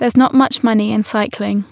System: none